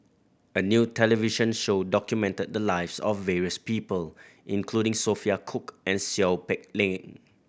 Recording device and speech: boundary microphone (BM630), read sentence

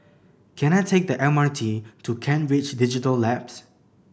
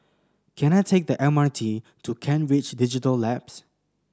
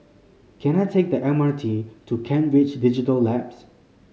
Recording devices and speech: boundary microphone (BM630), standing microphone (AKG C214), mobile phone (Samsung C5010), read sentence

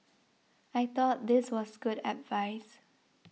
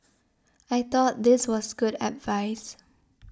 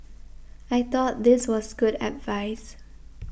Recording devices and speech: mobile phone (iPhone 6), standing microphone (AKG C214), boundary microphone (BM630), read sentence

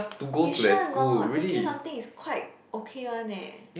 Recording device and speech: boundary microphone, conversation in the same room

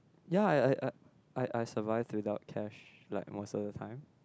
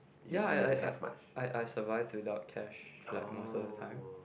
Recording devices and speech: close-talking microphone, boundary microphone, conversation in the same room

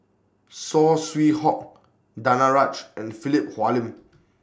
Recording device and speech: standing microphone (AKG C214), read sentence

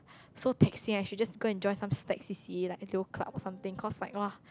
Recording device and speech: close-talking microphone, conversation in the same room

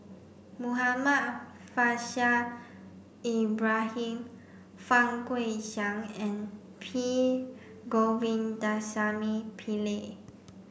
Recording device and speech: boundary microphone (BM630), read sentence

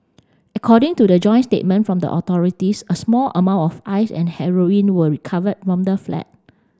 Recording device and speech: standing microphone (AKG C214), read sentence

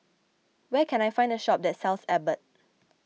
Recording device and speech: mobile phone (iPhone 6), read sentence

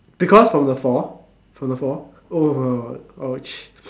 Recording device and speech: standing microphone, conversation in separate rooms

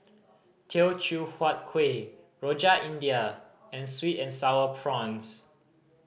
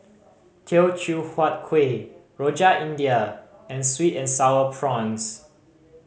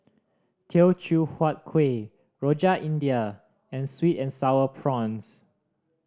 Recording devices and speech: boundary microphone (BM630), mobile phone (Samsung C5010), standing microphone (AKG C214), read sentence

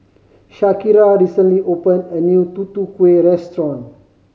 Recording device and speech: mobile phone (Samsung C5010), read sentence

